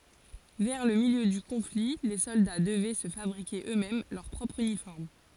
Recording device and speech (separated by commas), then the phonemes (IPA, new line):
forehead accelerometer, read sentence
vɛʁ lə miljø dy kɔ̃fli le sɔlda dəvɛ sə fabʁike ø mɛm lœʁ pʁɔpʁ ynifɔʁm